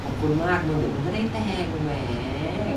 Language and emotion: Thai, happy